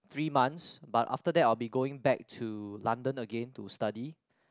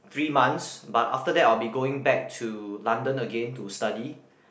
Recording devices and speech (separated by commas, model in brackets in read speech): close-talking microphone, boundary microphone, conversation in the same room